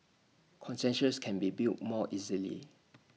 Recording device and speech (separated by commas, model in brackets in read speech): mobile phone (iPhone 6), read sentence